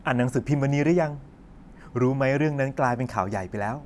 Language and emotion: Thai, neutral